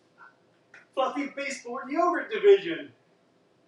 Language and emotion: English, happy